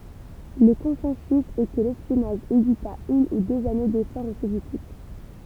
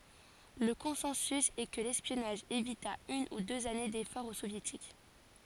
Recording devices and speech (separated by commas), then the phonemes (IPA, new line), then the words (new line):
temple vibration pickup, forehead accelerometer, read sentence
lə kɔ̃sɑ̃sy ɛ kə lɛspjɔnaʒ evita yn u døz ane defɔʁz o sovjetik
Le consensus est que l'espionnage évita une ou deux années d'efforts aux Soviétiques.